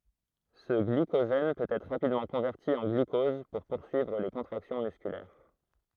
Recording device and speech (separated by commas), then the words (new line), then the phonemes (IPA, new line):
throat microphone, read sentence
Ce glycogène peut être rapidement converti en glucose pour poursuivre les contractions musculaires.
sə ɡlikoʒɛn pøt ɛtʁ ʁapidmɑ̃ kɔ̃vɛʁti ɑ̃ ɡlykɔz puʁ puʁsyivʁ le kɔ̃tʁaksjɔ̃ myskylɛʁ